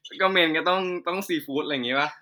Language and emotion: Thai, happy